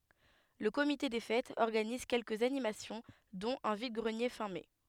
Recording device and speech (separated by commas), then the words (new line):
headset microphone, read sentence
Le comité des fêtes organise quelques animations dont un vide-greniers fin mai.